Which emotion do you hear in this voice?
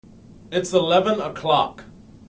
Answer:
angry